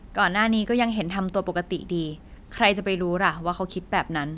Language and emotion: Thai, neutral